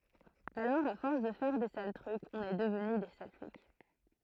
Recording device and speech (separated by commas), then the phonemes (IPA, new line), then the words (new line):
throat microphone, read sentence
alɔʁ a fɔʁs də fɛʁ de sal tʁykz ɔ̃n ɛ dəvny de sal flik
Alors à force de faire des sales trucs, on est devenu des sales flics.